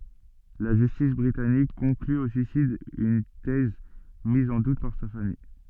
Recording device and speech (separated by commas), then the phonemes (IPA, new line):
soft in-ear microphone, read sentence
la ʒystis bʁitanik kɔ̃kly o syisid yn tɛz miz ɑ̃ dut paʁ sa famij